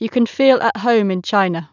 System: none